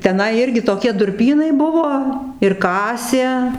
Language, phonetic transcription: Lithuanian, teˈnai ˈirgi toˈkie durˈpynai ˈbuvo ir ˈkasė

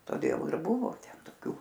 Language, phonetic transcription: Lithuanian, toˈdėl ir ˈbuvo ˈten toˈkiu

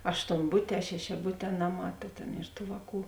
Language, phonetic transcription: Lithuanian, aštonˈbutē šešiaˈbutē ˈnaˌmā ˈta tėn ir ˈtų ˈvāˌkų

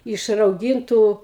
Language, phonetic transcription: Lithuanian, iš rauˈgintų

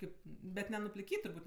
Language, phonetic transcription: Lithuanian, ˈkaip ˈbet nenupliˈkyt' turˈbūt'

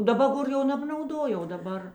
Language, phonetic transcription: Lithuanian, daˈba ˈgor jau nebnauˈdo jau o daˈbar

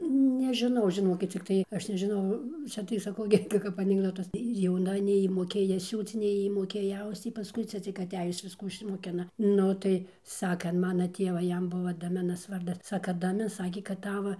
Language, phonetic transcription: Lithuanian, nežiˈnau žiˈnokit cikˈtai ˈaš nežiˈnau ˈcia tai saˈkau gi ˈka kap anikˈdotas ir jauˈna nei ˈjy moˈkėja ˈsiūc nei ˈjy moˈkėja ˈausc ˈjy paˈskui ˈcia cik aˈtejus ˈviskų išsimoˈkina ˈnu tai ˈsaka an ˈmana ˈtėva ˈjam ˈbuvo daˈminas ˈvardas ˈsaka daˈmi ˈsakė kad ˈtava

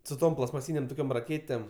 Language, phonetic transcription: Lithuanian, su ˈtom plastmaˈsynėm ˈtokiom raˈkėtėm

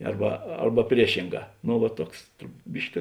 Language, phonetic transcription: Lithuanian, ˈarba ˈarba prieˈšinˌgā ˈnu va ˈtuoks ˈbiški

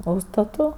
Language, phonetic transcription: Lithuanian, ˈūžstatu

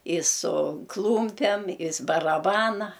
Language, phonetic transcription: Lithuanian, i su ˈklūmpem is baraˈbana

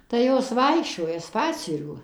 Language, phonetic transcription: Lithuanian, tai ˈjos ˈvaikščioja ˈspacierių

